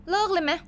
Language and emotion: Thai, frustrated